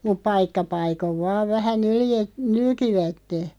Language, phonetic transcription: Finnish, mup "paikka 'paikov 'vaav vähä 'nylje- , "nylkivätte .
- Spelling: mutta paikka paikoin vain vähän - nylkivät

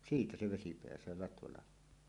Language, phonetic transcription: Finnish, siitä 'se 'vesi peäsöö latvalah̆hoon .
- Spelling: siitä se vesi pääsee latvalahoon

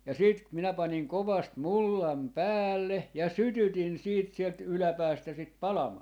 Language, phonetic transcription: Finnish, ja 'siit , 'minä 'paniŋ 'kovast "mullam "päälle , ja "sytytin 'siit sielt 'yläpäästä sit "palamaa .
- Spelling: ja sitten minä panin kovasti mullan päälle ja sytytin sitten sieltä yläpäästä sitä palamaan

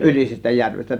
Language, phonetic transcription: Finnish, 'ˀYlisestä 'järvestä .
- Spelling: Ylisestä järvestä

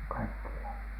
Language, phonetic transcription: Finnish, 'kaikkiihan .
- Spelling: kaikkiaan

